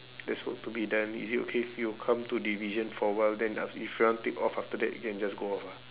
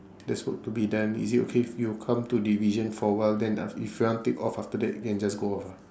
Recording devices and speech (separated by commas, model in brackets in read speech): telephone, standing microphone, conversation in separate rooms